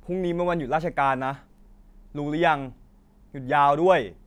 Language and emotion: Thai, neutral